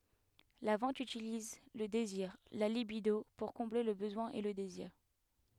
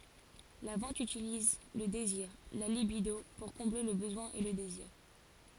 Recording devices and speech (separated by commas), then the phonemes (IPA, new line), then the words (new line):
headset microphone, forehead accelerometer, read sentence
la vɑ̃t ytiliz lə deziʁ la libido puʁ kɔ̃ble lə bəzwɛ̃ e lə deziʁ
La vente utilise le désir, la libido, pour combler le besoin et le désir.